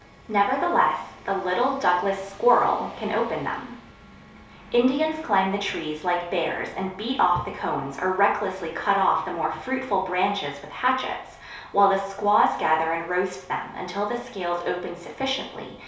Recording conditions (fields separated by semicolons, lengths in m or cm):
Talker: one person; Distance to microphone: 3.0 m; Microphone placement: far; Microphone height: 1.8 m; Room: small (3.7 m by 2.7 m); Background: none